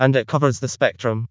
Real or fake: fake